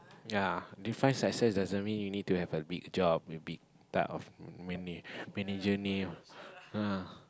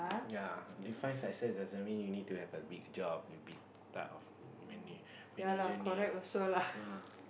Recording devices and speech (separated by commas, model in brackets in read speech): close-talking microphone, boundary microphone, conversation in the same room